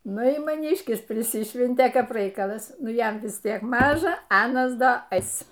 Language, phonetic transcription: Lithuanian, ˈnu ir maˈnyškis priˈsišventė ˈkap ˈraikalas ˈnu ˈjam vis ˈtiek ˈmaža ˈanas ˈda ˈeis

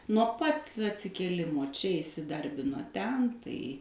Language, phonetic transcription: Lithuanian, nuo ˈpat atsikėˈlimo ˈčia isiˈdarbino ˈten tai

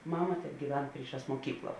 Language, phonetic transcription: Lithuanian, ˈmama tebgyˈven ˈpryˌšās muoˈkykla

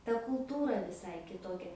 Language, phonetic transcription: Lithuanian, ta kulˈtūra viˈsai kiˈtokia

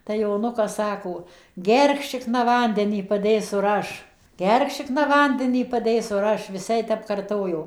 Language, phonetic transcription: Lithuanian, tai joˈnukas ˈsako ˈgerk ˈšikna ˈvandenį paˈdėsu ir ˈaš ˈgerk ˈšikna ˈvandenį paˈdėsu ir ˈaš vis ˈjai tep karˈtojo

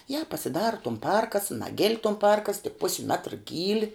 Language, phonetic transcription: Lithuanian, ja pasiˈdara tum ˈparkas ˈnagil' tum ˈparkas tik ˈpusi ˈmetra ˈgyli

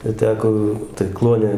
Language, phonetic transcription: Lithuanian, ir ˈteko tai ˈkluone

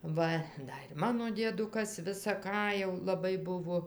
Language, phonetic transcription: Lithuanian, ˈva ˈda ir ˈmano dieˈdukas visa ˈką jau laˈbai ˈbuvo

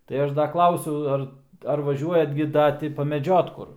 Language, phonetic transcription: Lithuanian, tai ˈaš ˈda ˈklausiau ˈar ar vaˈžiuojat gi ˈda ˈti pameˈdžiot ˈkur

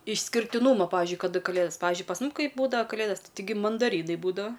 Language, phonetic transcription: Lithuanian, išskirtiˈnūma ˈpavizdžiui kaˈda kaˈlėdos ˈpayzdžiui pas ˈmum ˈkai būdava kaˈlėdas taiˈgi mandaˈrynai ˈbūdava

